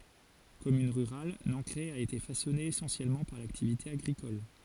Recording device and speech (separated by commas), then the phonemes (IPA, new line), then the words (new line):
forehead accelerometer, read sentence
kɔmyn ʁyʁal nɑ̃kʁɛ a ete fasɔne esɑ̃sjɛlmɑ̃ paʁ laktivite aɡʁikɔl
Commune rurale, Nancray a été façonnée essentiellement par l'activité agricole.